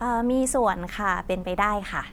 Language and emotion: Thai, neutral